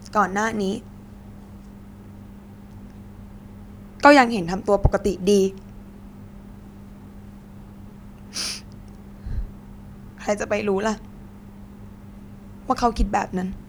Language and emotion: Thai, sad